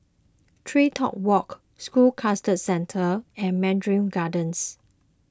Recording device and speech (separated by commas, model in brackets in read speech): close-talking microphone (WH20), read sentence